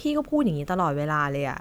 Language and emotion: Thai, frustrated